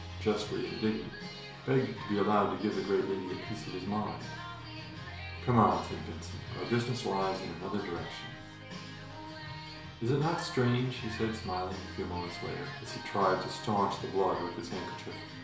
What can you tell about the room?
A small room (about 3.7 m by 2.7 m).